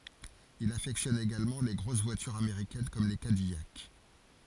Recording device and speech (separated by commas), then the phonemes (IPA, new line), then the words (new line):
forehead accelerometer, read sentence
il afɛktjɔn eɡalmɑ̃ le ɡʁos vwatyʁz ameʁikɛn kɔm le kadijak
Il affectionne également les grosses voitures américaines comme les Cadillac.